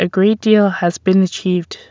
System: none